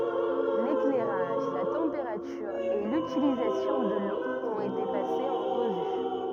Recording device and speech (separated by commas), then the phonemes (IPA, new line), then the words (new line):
rigid in-ear microphone, read sentence
leklɛʁaʒ la tɑ̃peʁatyʁ e lytilizasjɔ̃ də lo ɔ̃t ete pasez ɑ̃ ʁəvy
L'éclairage, la température et l'utilisation de l'eau ont été passés en revue.